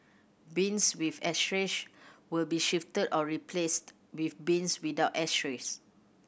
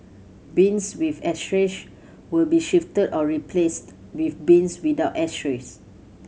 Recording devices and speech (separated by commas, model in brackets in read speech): boundary microphone (BM630), mobile phone (Samsung C7100), read sentence